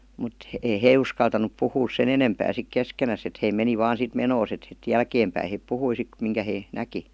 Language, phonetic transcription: Finnish, mut ei "hee uskaltanup 'puhuus 'sen ‿enempää sik 'keskenäs ‿et hei 'meni vaan sit "menoos et [si]t "jälkeem päi 'hèp "puhui sit miŋkä 'hee , 'näki .
- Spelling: mutta ei he uskaltanut puhua sen enempää sitten keskenään että he meni vain sitten menoaan että sitten jälkeen päin he puhui sitten minkä he näki

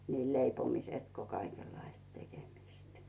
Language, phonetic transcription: Finnish, niil leipomisᵉt ko 'kaikellaist 'tekemist .
- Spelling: niin leipomista kuin kaikenlaista tekemistä

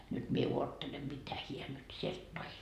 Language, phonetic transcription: Finnish, nyt mie 'uottelem 'mitä 'hiä nyt sielt 'toi .
- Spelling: nyt minä odottelen mitä hän nyt sieltä toi

